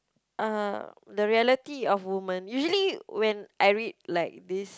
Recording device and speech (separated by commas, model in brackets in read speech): close-talking microphone, conversation in the same room